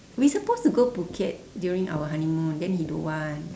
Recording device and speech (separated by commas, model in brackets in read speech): standing microphone, conversation in separate rooms